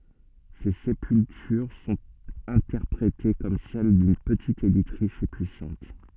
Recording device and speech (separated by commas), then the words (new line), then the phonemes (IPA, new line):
soft in-ear microphone, read sentence
Ces sépultures sont interprétées comme celles d’une petite élite riche et puissante.
se sepyltyʁ sɔ̃t ɛ̃tɛʁpʁete kɔm sɛl dyn pətit elit ʁiʃ e pyisɑ̃t